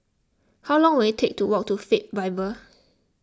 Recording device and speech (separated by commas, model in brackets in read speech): close-talking microphone (WH20), read sentence